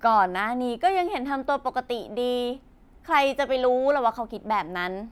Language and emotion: Thai, happy